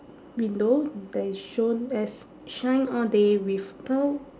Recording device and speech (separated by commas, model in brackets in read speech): standing microphone, conversation in separate rooms